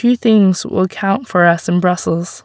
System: none